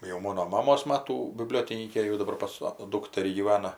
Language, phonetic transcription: Lithuanian, jau ˈmono ˈmamos ˈmatų biˈbliotinykė jau daˈbar pas sa ˈdūkterį gyˈvana

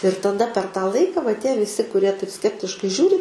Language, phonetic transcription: Lithuanian, ir taˈda per tą ˈlaika va tie viˈsi kuˈrie taip ˈskeptiškai ˈžiūri

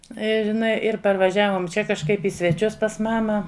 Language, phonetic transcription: Lithuanian, ir iˈnai ir parvaˈžiavom ˈčia kažˈkaip i sveˈčius pas ˈmama

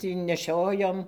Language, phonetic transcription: Lithuanian, tį neˈšiojom

